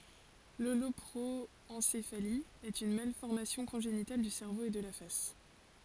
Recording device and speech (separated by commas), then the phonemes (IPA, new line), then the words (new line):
forehead accelerometer, read sentence
lolɔpʁoɑ̃sefali ɛt yn malfɔʁmasjɔ̃ kɔ̃ʒenital dy sɛʁvo e də la fas
L'holoproencéphalie est une malformation congénitale du cerveau et de la face.